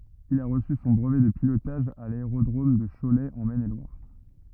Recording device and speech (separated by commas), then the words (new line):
rigid in-ear microphone, read sentence
Il a reçu son brevet de pilotage à l'aérodrome de Cholet en Maine-et-Loire.